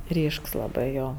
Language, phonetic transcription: Lithuanian, ˈryšks laˈbɜ ˈjo

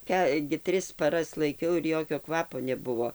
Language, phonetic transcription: Lithuanian, ˈką gi ˈtris paˈras laiˈkiau ir ˈjokio ˈkvapo neˈbuvo

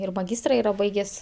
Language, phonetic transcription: Lithuanian, ir maˈgystra ˈyra ˈbaigės'

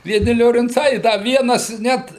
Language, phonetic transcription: Lithuanian, vieˈni liorinˈcai i ˈda ˈvienas ˈnet

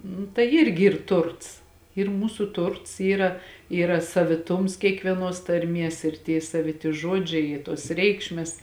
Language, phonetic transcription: Lithuanian, nu tai ˈirgi ˈyr ˈturts ir ˈmūsu ˈturts ˈyra ˈyra saviˈtums kiekvieˈnos tarˈmies ir tie saviˈti ˈžodžiai i tos ˈreikšmes

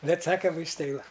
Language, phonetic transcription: Lithuanian, ˈbet ˈsakam vaisˈtai ˈva

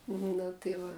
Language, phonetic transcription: Lithuanian, ˈnu tai ˈva

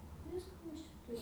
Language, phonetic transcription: Lithuanian, ˈvisko ˈmes čia ˈturim

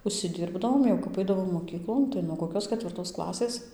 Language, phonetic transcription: Lithuanian, užsiˈdirbdavom jau kap ˈaidavom moˈkyklon tai nuo koˈkios ketvirˈtos ˈklasės

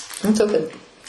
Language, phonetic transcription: Lithuanian, nu ˈtokia

